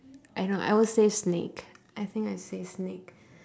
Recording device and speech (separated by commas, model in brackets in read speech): standing microphone, conversation in separate rooms